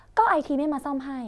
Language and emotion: Thai, frustrated